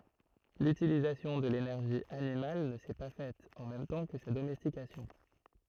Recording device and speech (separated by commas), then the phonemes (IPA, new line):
throat microphone, read sentence
lytilizasjɔ̃ də lenɛʁʒi animal nə sɛ pa fɛt ɑ̃ mɛm tɑ̃ kə sa domɛstikasjɔ̃